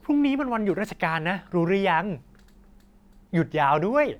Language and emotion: Thai, happy